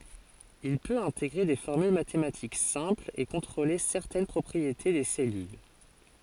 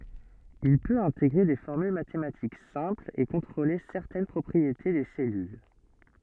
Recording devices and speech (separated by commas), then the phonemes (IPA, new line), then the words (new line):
forehead accelerometer, soft in-ear microphone, read sentence
il pøt ɛ̃teɡʁe de fɔʁmyl matematik sɛ̃plz e kɔ̃tʁole sɛʁtɛn pʁɔpʁiete de sɛlyl
Il peut intégrer des formules mathématiques simples et contrôler certaines propriétés des cellules.